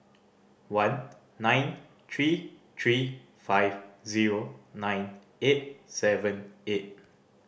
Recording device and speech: boundary microphone (BM630), read sentence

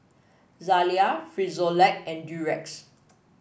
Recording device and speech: boundary microphone (BM630), read sentence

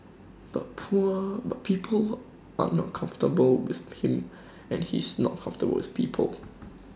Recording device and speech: standing microphone (AKG C214), read sentence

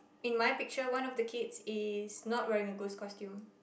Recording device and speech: boundary microphone, conversation in the same room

